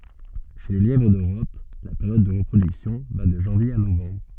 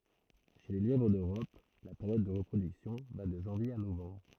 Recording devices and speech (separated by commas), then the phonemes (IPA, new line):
soft in-ear microphone, throat microphone, read sentence
ʃe lə ljɛvʁ døʁɔp la peʁjɔd də ʁəpʁodyksjɔ̃ va də ʒɑ̃vje a novɑ̃bʁ